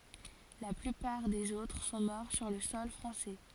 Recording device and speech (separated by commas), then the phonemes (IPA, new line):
forehead accelerometer, read sentence
la plypaʁ dez otʁ sɔ̃ mɔʁ syʁ lə sɔl fʁɑ̃sɛ